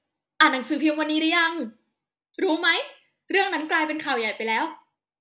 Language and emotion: Thai, happy